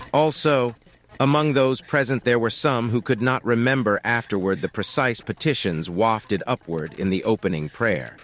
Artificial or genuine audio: artificial